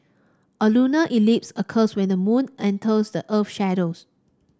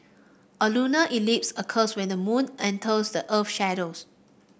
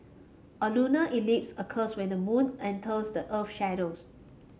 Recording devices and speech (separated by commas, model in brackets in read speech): standing microphone (AKG C214), boundary microphone (BM630), mobile phone (Samsung C5), read sentence